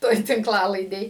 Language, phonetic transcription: Lithuanian, ˈtoj tinkˈlalaidėj

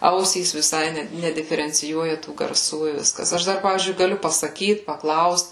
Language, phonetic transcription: Lithuanian, ˈausys viˈsai ˈne nediferenciˈjuoja tų garˈsų i ˈviskas ˈaš dar ˈpavyzdžiui gaˈliu pasaˈkyt paˈklaust

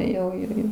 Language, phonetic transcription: Lithuanian, jau ˈirgi

